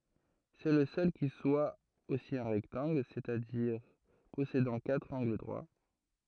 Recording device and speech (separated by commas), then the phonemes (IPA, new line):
throat microphone, read sentence
sɛ lə sœl ki swa osi œ̃ ʁɛktɑ̃ɡl sɛt a diʁ pɔsedɑ̃ katʁ ɑ̃ɡl dʁwa